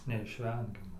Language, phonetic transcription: Lithuanian, neišˈvengiama

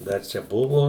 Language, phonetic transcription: Lithuanian, ˈdar ˈčia ˈbuvo

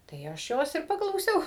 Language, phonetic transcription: Lithuanian, tai ˈaš ˈjos ir paklauˈsiau

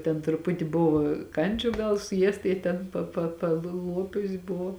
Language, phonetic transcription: Lithuanian, ten truˈputi ˈbuvo ˈkandžiu ˈgal suˈjiesta ji ˈten pa pa palˈluopius ˈbuvo

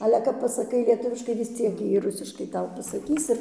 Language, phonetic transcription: Lithuanian, ˈale kap pasaˈkai lieˈtuviškai vis ˈciek ˈjie ˈrusiškai ˈtau pasaˈkys ir

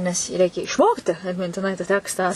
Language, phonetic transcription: Lithuanian, nes jį ˈreikia išˈmokti atmintiˈnai ta ˈtekstą

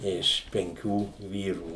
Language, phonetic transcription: Lithuanian, ˈiš penˈkių ˈvyrų

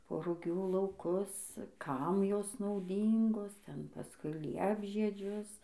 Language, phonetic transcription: Lithuanian, po ruˈgių lauˈkus ˈkam ˈjos nauˈdyngos ˈten paˈskui ˈliepžiedžius

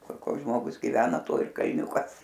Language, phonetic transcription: Lithuanian, ˈkur ˈkoks ˈžmogus giˈvena ˈto ir kalˈniūkas

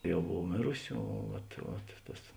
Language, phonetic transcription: Lithuanian, ˈjau ˈbov ˈmėrusi o ˈvat vat ˈtas

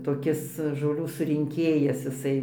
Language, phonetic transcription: Lithuanian, toˈkis žoˈlių surinˈkėjas iˈsai

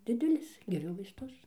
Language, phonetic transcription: Lithuanian, ˈdidelis geˈriu vaisˈtus

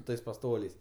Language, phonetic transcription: Lithuanian, ˈtais paˈstoliais

